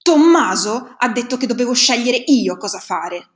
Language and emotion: Italian, angry